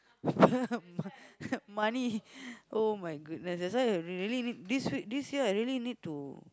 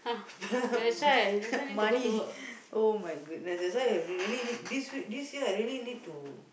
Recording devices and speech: close-talking microphone, boundary microphone, conversation in the same room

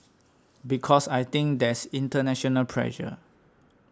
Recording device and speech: standing microphone (AKG C214), read sentence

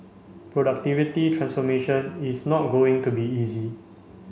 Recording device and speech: mobile phone (Samsung C5), read sentence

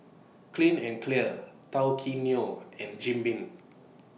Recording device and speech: mobile phone (iPhone 6), read sentence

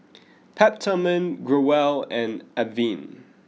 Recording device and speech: mobile phone (iPhone 6), read sentence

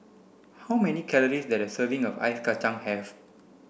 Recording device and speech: boundary microphone (BM630), read sentence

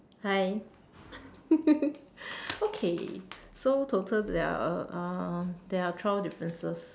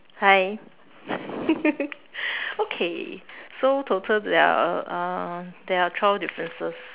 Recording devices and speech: standing microphone, telephone, conversation in separate rooms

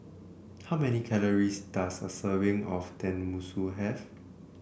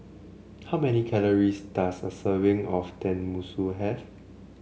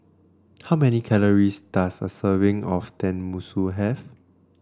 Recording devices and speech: boundary microphone (BM630), mobile phone (Samsung C7), standing microphone (AKG C214), read sentence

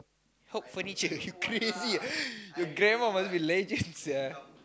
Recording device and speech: close-talking microphone, conversation in the same room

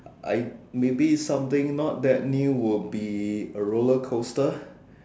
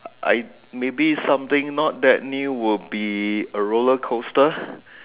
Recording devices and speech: standing microphone, telephone, conversation in separate rooms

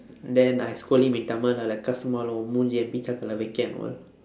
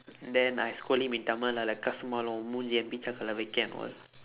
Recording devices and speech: standing microphone, telephone, conversation in separate rooms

